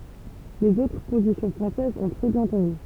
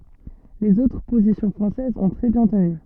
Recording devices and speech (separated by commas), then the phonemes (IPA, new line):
temple vibration pickup, soft in-ear microphone, read sentence
lez otʁ pozisjɔ̃ fʁɑ̃sɛzz ɔ̃ tʁɛ bjɛ̃ təny